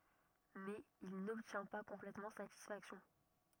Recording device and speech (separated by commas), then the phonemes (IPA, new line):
rigid in-ear microphone, read sentence
mɛz il nɔbtjɛ̃ pa kɔ̃plɛtmɑ̃ satisfaksjɔ̃